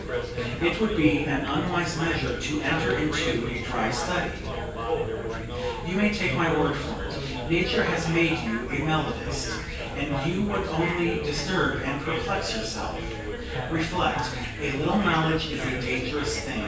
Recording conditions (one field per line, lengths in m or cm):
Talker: one person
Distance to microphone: 9.8 m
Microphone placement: far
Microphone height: 1.8 m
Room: large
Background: babble